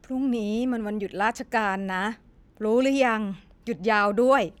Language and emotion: Thai, frustrated